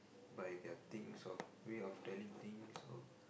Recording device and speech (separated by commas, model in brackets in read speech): boundary microphone, conversation in the same room